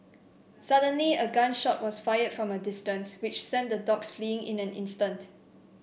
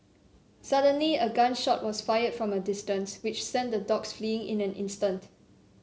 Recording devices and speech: boundary microphone (BM630), mobile phone (Samsung C7), read sentence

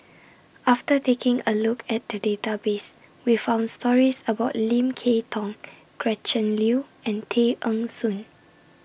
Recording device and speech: boundary microphone (BM630), read sentence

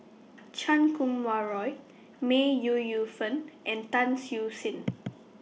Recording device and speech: mobile phone (iPhone 6), read sentence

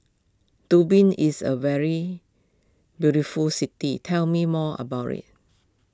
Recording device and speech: close-talking microphone (WH20), read sentence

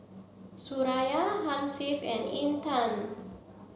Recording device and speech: mobile phone (Samsung C7), read sentence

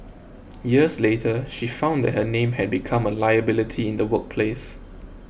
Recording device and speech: boundary microphone (BM630), read sentence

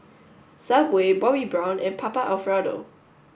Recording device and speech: boundary microphone (BM630), read sentence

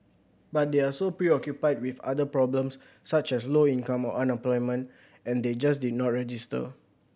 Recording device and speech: boundary microphone (BM630), read sentence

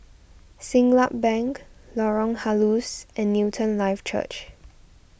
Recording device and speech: boundary microphone (BM630), read sentence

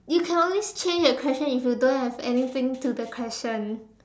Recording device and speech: standing microphone, conversation in separate rooms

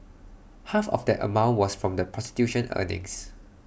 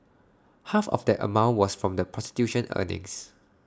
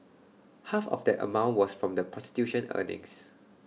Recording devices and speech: boundary microphone (BM630), standing microphone (AKG C214), mobile phone (iPhone 6), read sentence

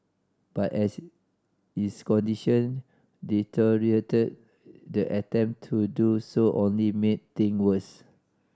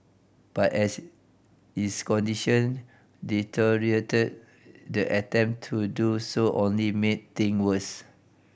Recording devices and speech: standing microphone (AKG C214), boundary microphone (BM630), read sentence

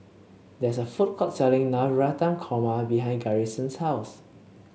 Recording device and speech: mobile phone (Samsung C7), read sentence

